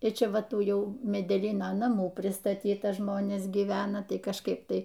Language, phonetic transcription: Lithuanian, ir ˈčia ˈva ˈtų ˈjau medeˈlyno naˈmų pristaˈtyta ˈžmonės gyˈvena ˈtai kažˈkaip ˈtai

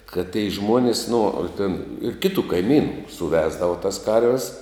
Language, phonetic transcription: Lithuanian, kad tei ˈžmuonis nu a ten ir ˈkitu kaiˈmynu suˈvesdava tas ˈkarves

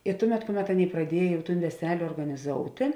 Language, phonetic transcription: Lithuanian, i ˈtuˌmet ˈkuˌmet ˈaˌnėi praˈdiej veˈsel' organiˈzoutė

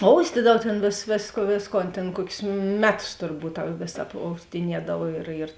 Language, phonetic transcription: Lithuanian, ˈoustydav ˈtėn vės vėsk ˈvėsˌkon tėn ˈkuokius ˈmeˌtus turˈbūt ta ˈvės apoustiˈniedav ir ir

